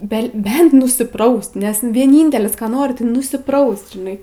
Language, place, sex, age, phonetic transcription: Lithuanian, Aukštaitija, female, 18-60, be ˈbent nusiˈpraust nes vieˈnyntelis ˈką ˈnori tai nusiˈpraust žiˈnai

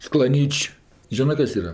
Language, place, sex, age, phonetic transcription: Lithuanian, Aukštaitija, female, 60+, sklaˈnyč' ˈžinɜ ˈkas ˈyra

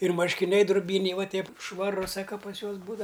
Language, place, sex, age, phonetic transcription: Lithuanian, Aukštaitija, male, 60+, ir marškiˈniai druˈbyniai ˈva ˈteip švaˈru ˈsaka pas ˈjuos ˈbūdava

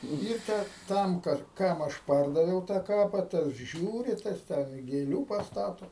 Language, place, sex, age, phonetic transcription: Lithuanian, Aukštaitija, male, 60+, ir ˈtę ˈtam ˈkad ˈkam aš ˈpardaviau tą ˈkapa tas ˈžiūri ˈtas ten i gėˈlių pasˈtato

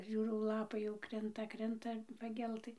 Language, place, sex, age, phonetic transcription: Lithuanian, Dzūkija, female, 60+, ˈžiūrau ˈlapai jau ˈkrinta ˈkrinta paˈgeltɨ

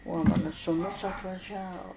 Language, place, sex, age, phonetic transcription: Lithuanian, Žemaitija, female, 60+, uo ˈmana sūˈnus atvaˈžia

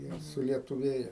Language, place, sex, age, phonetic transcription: Lithuanian, Aukštaitija, male, 60+, ˈjie sulietuˈvėje

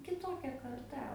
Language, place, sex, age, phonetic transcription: Lithuanian, Aukštaitija, female, 18-60, kiˈtokia karˈta

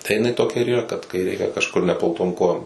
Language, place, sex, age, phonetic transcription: Lithuanian, Suvalkija, male, 18-60, tai jiˈnai toˈkia ir yˈra kad kai ˈreikia kažˈkur neplauˈtom ˈkojom

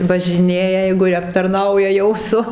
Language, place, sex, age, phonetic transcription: Lithuanian, Dzūkija, female, 60+, važiˈnėja ˈjeigu ˈji aptarˈnauja ˈjau su

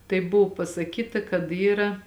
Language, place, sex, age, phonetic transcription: Lithuanian, Žemaitija, female, 18-60, tai ˈbuvu pasaˈkyta kad ˈyra

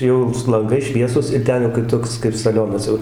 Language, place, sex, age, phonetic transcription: Lithuanian, Dzūkija, male, 60+, ˈjau su lanˈgais ˈšviesus ir ˈten jau kaip ˈtoks kaip saˈlionas jau

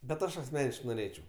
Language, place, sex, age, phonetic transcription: Lithuanian, Aukštaitija, male, 18-60, bet ˈaš asˈmeniškai noˈrėčiau

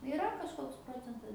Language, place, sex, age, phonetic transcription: Lithuanian, Aukštaitija, female, 18-60, iˈra kažˈkoks ˈprocentas

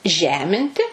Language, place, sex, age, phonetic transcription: Lithuanian, Suvalkija, female, 60+, ˈžeminti

